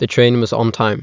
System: none